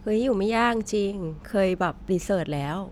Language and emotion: Thai, neutral